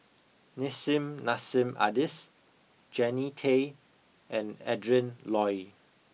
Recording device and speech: mobile phone (iPhone 6), read sentence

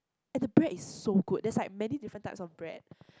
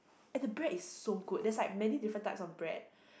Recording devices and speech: close-talking microphone, boundary microphone, conversation in the same room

